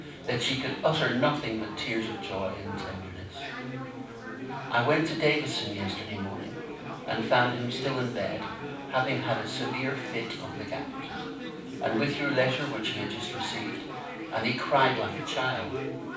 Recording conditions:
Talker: one person; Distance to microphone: 5.8 m; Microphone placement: far; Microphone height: 1.8 m; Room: medium-sized (5.7 m by 4.0 m); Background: babble

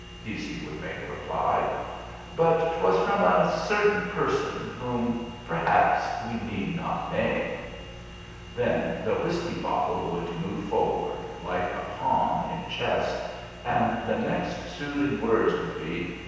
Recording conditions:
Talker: one person; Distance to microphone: 7.1 m; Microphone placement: far; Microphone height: 1.7 m; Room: very reverberant, large; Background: none

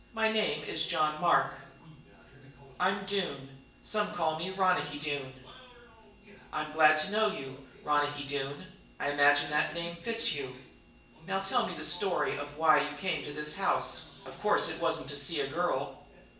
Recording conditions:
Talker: one person; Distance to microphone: 1.8 m; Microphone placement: close; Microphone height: 1.0 m; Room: large; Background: television

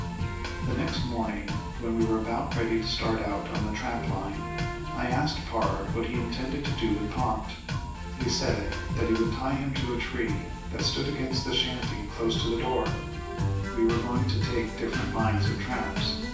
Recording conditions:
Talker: one person; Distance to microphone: 9.8 m; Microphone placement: far; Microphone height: 1.8 m; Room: large; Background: music

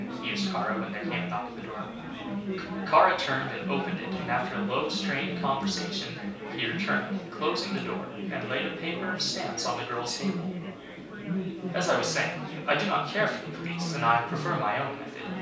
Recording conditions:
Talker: one person; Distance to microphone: 3.0 m; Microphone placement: far; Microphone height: 1.8 m; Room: small (3.7 m by 2.7 m); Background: babble

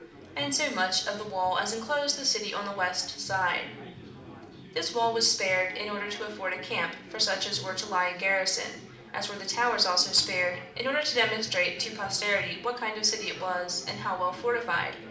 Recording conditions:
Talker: one person; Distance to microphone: 2.0 m; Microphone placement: close; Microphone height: 99 cm; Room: medium-sized (5.7 m by 4.0 m); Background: babble

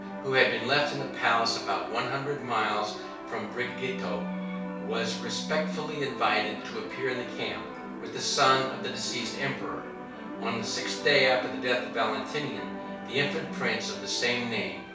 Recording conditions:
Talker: one person; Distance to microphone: 3.0 m; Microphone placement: far; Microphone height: 1.8 m; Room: small (3.7 m by 2.7 m); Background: television

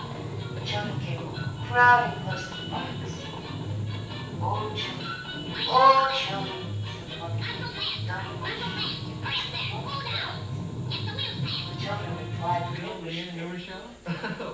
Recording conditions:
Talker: one person; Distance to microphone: 9.8 m; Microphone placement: far; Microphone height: 1.8 m; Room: large; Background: television

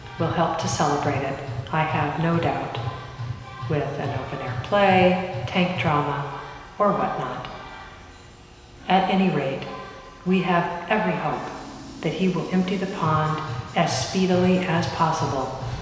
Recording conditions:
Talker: one person; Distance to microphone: 1.7 m; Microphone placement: close; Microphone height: 1.0 m; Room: very reverberant, large; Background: music

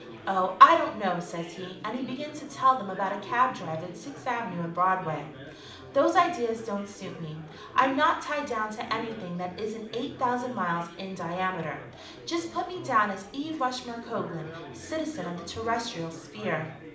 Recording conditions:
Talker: one person; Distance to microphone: 2.0 m; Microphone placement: close; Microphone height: 99 cm; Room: medium-sized (5.7 m by 4.0 m); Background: babble

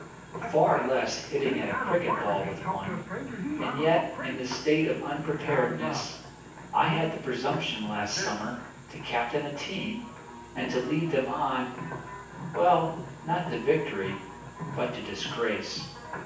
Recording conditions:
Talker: one person; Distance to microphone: 9.8 m; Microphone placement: far; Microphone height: 1.8 m; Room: large; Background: television

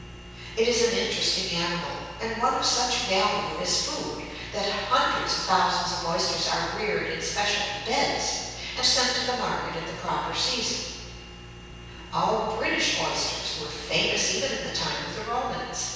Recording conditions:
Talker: one person; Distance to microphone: 7.1 m; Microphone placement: far; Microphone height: 1.7 m; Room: very reverberant, large; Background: none

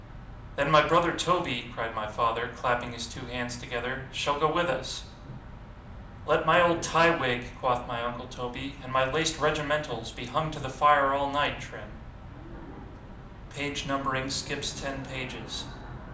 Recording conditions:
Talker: one person; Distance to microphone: 2.0 m; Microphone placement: close; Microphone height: 99 cm; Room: medium-sized (5.7 m by 4.0 m); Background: television

